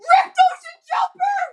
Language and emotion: English, fearful